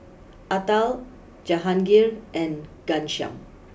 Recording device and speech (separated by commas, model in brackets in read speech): boundary microphone (BM630), read sentence